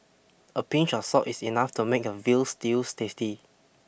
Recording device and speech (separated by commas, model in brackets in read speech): boundary microphone (BM630), read sentence